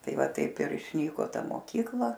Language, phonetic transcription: Lithuanian, ˈtai ˈva ˈtaip ir išˈnyko ˈta moˈkykla

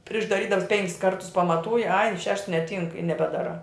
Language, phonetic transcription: Lithuanian, priš daˈrydams ˈpenkis ˈkartus pamaˈtūji ai šešts neˈtynk i nebeˈdaˌrā

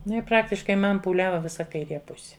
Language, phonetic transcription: Lithuanian, ˈnu i ˈpraktiškai ˈman pūˈliava ˈvisa kaiˈrė ˈpusi

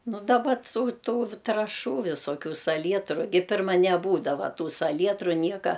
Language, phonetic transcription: Lithuanian, ˈnu daˈba ˈtų ˈtų traˈšų visoˈkių saˈlietru ˈgi ˈpirma neˈbūdava ˈtų saˈlietru ˈnieka

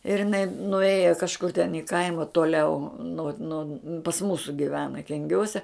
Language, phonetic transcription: Lithuanian, ir iˈnai nuˈėja kažˈkur ten i ˈkaima toˈliau no no pas ˈmūsu giˈvena kenˈgiuose

